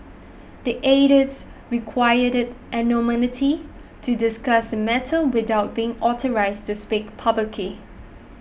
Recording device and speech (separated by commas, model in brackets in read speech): boundary microphone (BM630), read sentence